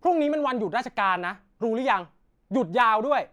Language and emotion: Thai, angry